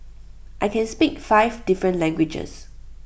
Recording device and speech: boundary microphone (BM630), read sentence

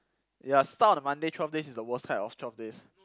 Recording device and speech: close-talking microphone, conversation in the same room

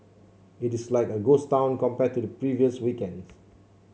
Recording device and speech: mobile phone (Samsung C7), read sentence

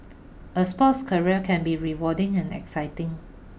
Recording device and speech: boundary microphone (BM630), read sentence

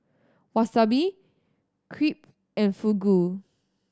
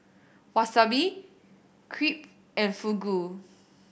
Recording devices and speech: standing microphone (AKG C214), boundary microphone (BM630), read sentence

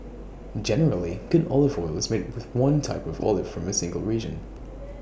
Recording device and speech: boundary microphone (BM630), read sentence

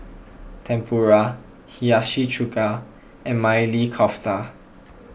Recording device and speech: boundary microphone (BM630), read sentence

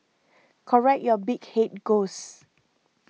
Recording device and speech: mobile phone (iPhone 6), read sentence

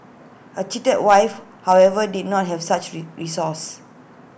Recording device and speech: boundary microphone (BM630), read sentence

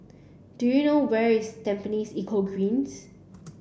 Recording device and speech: boundary microphone (BM630), read sentence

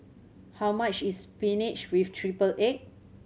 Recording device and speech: mobile phone (Samsung C7100), read sentence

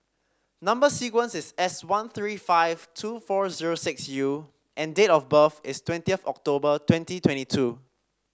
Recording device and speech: standing microphone (AKG C214), read sentence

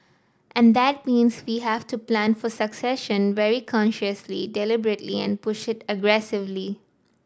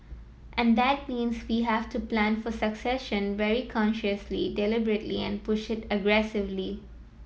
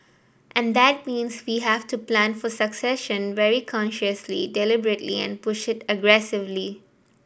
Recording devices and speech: standing microphone (AKG C214), mobile phone (iPhone 7), boundary microphone (BM630), read sentence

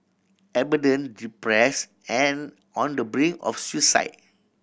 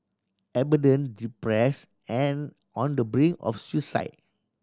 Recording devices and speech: boundary microphone (BM630), standing microphone (AKG C214), read sentence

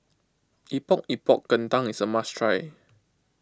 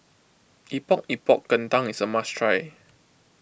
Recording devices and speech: close-talking microphone (WH20), boundary microphone (BM630), read sentence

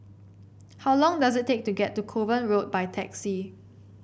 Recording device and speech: boundary microphone (BM630), read sentence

